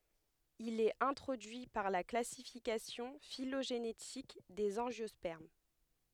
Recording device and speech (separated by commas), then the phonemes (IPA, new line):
headset microphone, read sentence
il ɛt ɛ̃tʁodyi paʁ la klasifikasjɔ̃ filoʒenetik dez ɑ̃ʒjɔspɛʁm